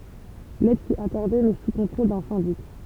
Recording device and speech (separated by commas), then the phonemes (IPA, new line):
temple vibration pickup, read sentence
lɛd fy akɔʁde mɛ su kɔ̃tʁol dœ̃ sɛ̃dik